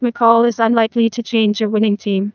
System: TTS, neural waveform model